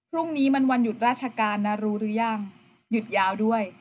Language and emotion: Thai, neutral